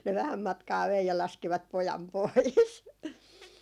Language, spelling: Finnish, ne vähän matkaa vei ja laskivat pojan pois
- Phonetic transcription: ne 'vähäm 'matkaa vei ja laskivat "pojam 'pois .

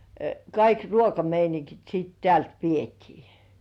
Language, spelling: Finnish, kaikki ruokameiningit sitten täältä vietiin
- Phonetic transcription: 'kaik "ruokameiniŋkit siit 'tĕä̀lt vietii .

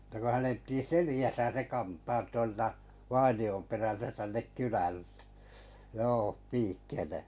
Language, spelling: Finnish, että kun hänen piti selässä se kantaa tuolta vainion perältä tänne kylälle joo piikkeineen
- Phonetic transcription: ᵊtä ko 'hänem pⁱti "selijäsä se 'kantaat tuolta 'vaini₍om perältä tännek 'kyläl(ʟᴇ) , 'joo 'piikkene[en] .

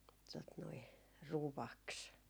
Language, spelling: Finnish, tuota noin ruoaksi
- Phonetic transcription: tot noi , "ruvaks .

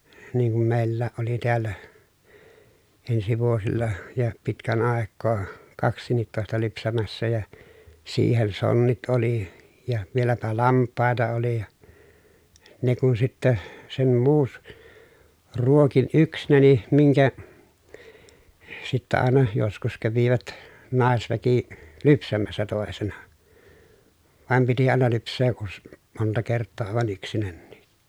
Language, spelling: Finnish, niin kun meilläkin oli täällä ensi vuosilla ja pitkän aikaa kaksikintoista lypsämässä ja siihen sonnit oli ja vieläpä lampaita oli ja ne kun sitten sen - ruokin yksinäni minkä sitten aina joskus kävivät naisväki lypsämässä toisena vaan piti aina lypsää - monta kertaa aivan yksinänikin
- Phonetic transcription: niiŋ kum meillääʼ ʼoli tiällä , ensi vuosilla , ja pitkän àekkoo , kaks̀iin̆nittòesta lypsämässä ja , siihen sonnit oli , ja vieläpä lamp̀àeta oli ja , ne kun sitte , sem muus- , ruokin yksnäni miŋkä , sittä àena , joskus kävivät , nàesväki , lypsämässä tòesena , vàem piti àena lyps̆see ʼus- , monta kerttoo àevan ‿yksinännii .

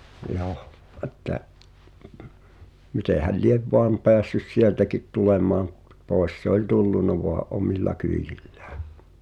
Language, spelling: Finnish, joo että mitenhän lie vain päässyt sieltäkin tulemaan - pois se oli tullut vain omilla kyydillään
- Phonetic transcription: jooh , ’əttä , 'mitèhäl "liev 'voam 'peässys "sieltäkit 'tulemaaᵐ ᵖˉ , 'pòes se ‿oĺ 'tullunna voa’ "’omilla 'kyijillᴀ̈ᴀ̈ .

